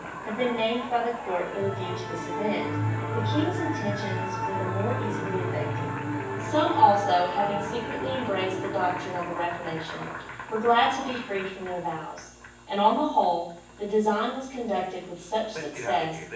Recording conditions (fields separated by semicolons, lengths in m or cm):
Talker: one person; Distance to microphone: 9.8 m; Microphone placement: far; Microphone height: 1.8 m; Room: large; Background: television